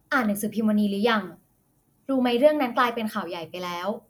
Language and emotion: Thai, neutral